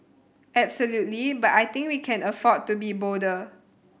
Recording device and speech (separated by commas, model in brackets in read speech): boundary microphone (BM630), read sentence